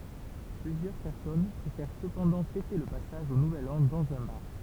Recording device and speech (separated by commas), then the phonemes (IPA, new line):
temple vibration pickup, read sentence
plyzjœʁ pɛʁsɔn pʁefɛʁ səpɑ̃dɑ̃ fɛte lə pasaʒ o nuvɛl ɑ̃ dɑ̃z œ̃ baʁ